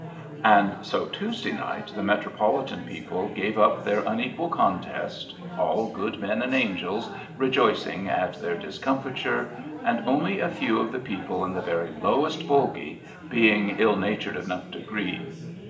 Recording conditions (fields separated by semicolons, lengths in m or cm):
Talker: one person; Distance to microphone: 1.8 m; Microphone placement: close; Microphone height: 1.0 m; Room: large; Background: babble